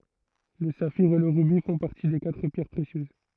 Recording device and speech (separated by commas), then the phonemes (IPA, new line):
throat microphone, read sentence
lə safiʁ e lə ʁybi fɔ̃ paʁti de katʁ pjɛʁ pʁesjøz